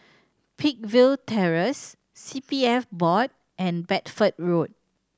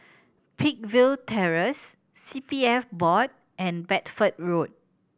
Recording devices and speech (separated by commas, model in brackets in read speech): standing microphone (AKG C214), boundary microphone (BM630), read sentence